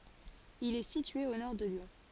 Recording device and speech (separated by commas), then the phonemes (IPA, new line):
forehead accelerometer, read sentence
il ɛ sitye o nɔʁ də ljɔ̃